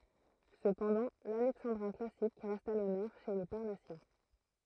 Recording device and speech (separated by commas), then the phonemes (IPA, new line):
throat microphone, read sentence
səpɑ̃dɑ̃ lalɛksɑ̃dʁɛ̃ klasik ʁɛst a lɔnœʁ ʃe le paʁnasjɛ̃